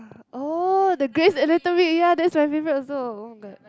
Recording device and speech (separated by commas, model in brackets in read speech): close-talking microphone, conversation in the same room